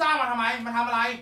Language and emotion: Thai, angry